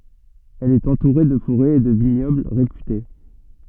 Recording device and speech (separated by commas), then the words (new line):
soft in-ear microphone, read sentence
Elle est entourée de forêts et de vignobles réputés.